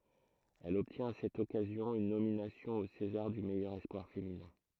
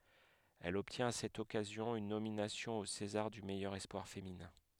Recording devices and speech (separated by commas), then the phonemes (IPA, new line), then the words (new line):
throat microphone, headset microphone, read sentence
ɛl ɔbtjɛ̃t a sɛt ɔkazjɔ̃ yn nominasjɔ̃ o sezaʁ dy mɛjœʁ ɛspwaʁ feminɛ̃
Elle obtient à cette occasion une nomination au César du meilleur espoir féminin.